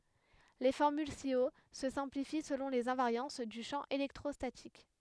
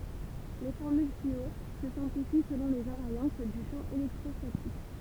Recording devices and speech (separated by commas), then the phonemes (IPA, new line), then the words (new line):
headset microphone, temple vibration pickup, read sentence
le fɔʁmyl si o sə sɛ̃plifi səlɔ̃ lez ɛ̃vaʁjɑ̃s dy ʃɑ̃ elɛktʁɔstatik
Les formules ci-haut se simplifient selon les invariances du champ électrostatique.